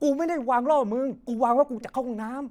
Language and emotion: Thai, angry